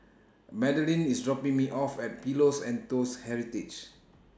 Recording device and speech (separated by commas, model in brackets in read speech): standing microphone (AKG C214), read sentence